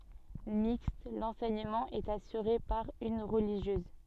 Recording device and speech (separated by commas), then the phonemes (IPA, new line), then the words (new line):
soft in-ear microphone, read sentence
mikst lɑ̃sɛɲəmɑ̃ ɛt asyʁe paʁ yn ʁəliʒjøz
Mixte, l'enseignement est assuré par une religieuse.